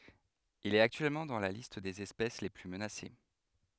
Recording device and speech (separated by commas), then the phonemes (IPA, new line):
headset microphone, read sentence
il ɛt aktyɛlmɑ̃ dɑ̃ la list dez ɛspɛs le ply mənase